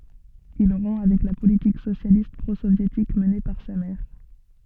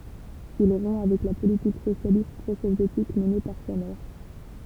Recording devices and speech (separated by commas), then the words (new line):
soft in-ear microphone, temple vibration pickup, read sentence
Il rompt avec la politique socialiste pro-soviétique menée par sa mère.